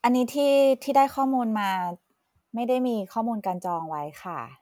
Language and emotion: Thai, neutral